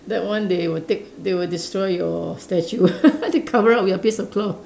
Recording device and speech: standing microphone, conversation in separate rooms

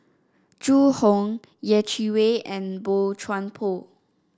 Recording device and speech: standing microphone (AKG C214), read sentence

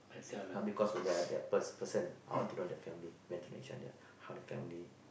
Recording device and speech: boundary microphone, conversation in the same room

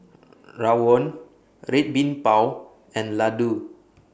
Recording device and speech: boundary microphone (BM630), read sentence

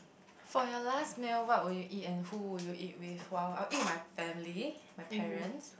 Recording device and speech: boundary microphone, conversation in the same room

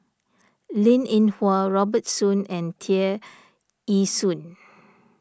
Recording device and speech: standing microphone (AKG C214), read sentence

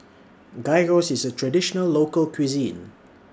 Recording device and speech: standing microphone (AKG C214), read sentence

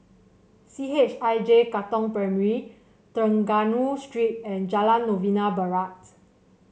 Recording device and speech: mobile phone (Samsung C7), read sentence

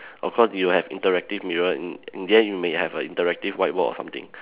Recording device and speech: telephone, conversation in separate rooms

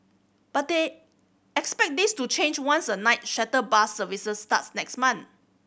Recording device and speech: boundary microphone (BM630), read sentence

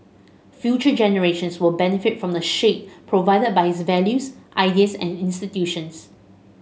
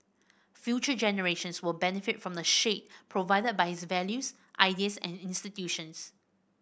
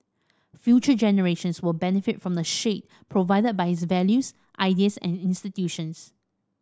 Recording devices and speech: mobile phone (Samsung S8), boundary microphone (BM630), standing microphone (AKG C214), read sentence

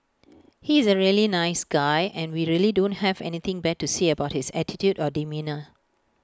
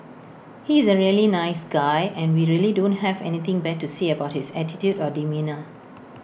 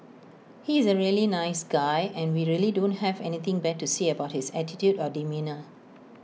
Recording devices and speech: close-talking microphone (WH20), boundary microphone (BM630), mobile phone (iPhone 6), read sentence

